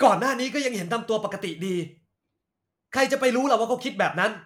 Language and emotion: Thai, angry